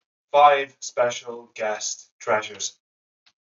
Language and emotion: English, neutral